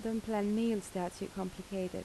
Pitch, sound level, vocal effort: 195 Hz, 79 dB SPL, soft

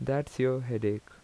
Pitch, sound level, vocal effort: 130 Hz, 81 dB SPL, normal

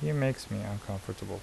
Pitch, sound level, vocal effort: 105 Hz, 74 dB SPL, soft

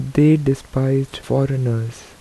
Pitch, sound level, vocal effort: 135 Hz, 78 dB SPL, soft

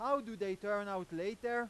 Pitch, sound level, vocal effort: 205 Hz, 102 dB SPL, very loud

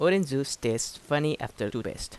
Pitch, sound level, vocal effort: 140 Hz, 84 dB SPL, normal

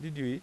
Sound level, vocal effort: 87 dB SPL, normal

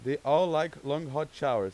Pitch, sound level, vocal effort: 150 Hz, 95 dB SPL, loud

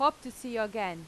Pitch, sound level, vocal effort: 225 Hz, 91 dB SPL, loud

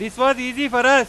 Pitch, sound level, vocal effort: 255 Hz, 104 dB SPL, very loud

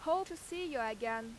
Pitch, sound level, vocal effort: 280 Hz, 92 dB SPL, very loud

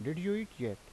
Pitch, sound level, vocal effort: 150 Hz, 82 dB SPL, normal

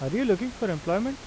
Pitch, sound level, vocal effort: 220 Hz, 86 dB SPL, normal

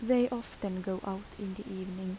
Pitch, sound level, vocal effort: 195 Hz, 76 dB SPL, soft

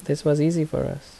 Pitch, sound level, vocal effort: 155 Hz, 76 dB SPL, soft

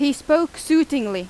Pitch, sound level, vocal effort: 285 Hz, 92 dB SPL, very loud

